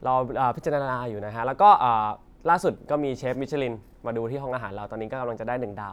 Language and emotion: Thai, happy